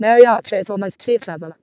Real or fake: fake